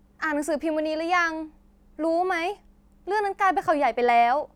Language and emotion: Thai, frustrated